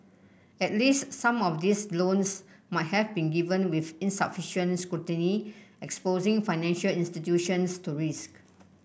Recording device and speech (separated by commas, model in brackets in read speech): boundary microphone (BM630), read sentence